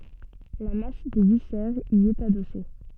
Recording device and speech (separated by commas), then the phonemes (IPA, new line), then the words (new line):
soft in-ear microphone, read sentence
la mas de visɛʁz i ɛt adɔse
La masse des viscères y est adossée.